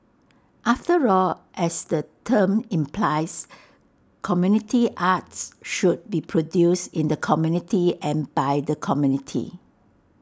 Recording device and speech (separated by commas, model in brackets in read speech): standing microphone (AKG C214), read sentence